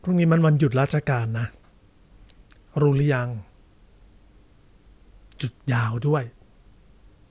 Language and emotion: Thai, neutral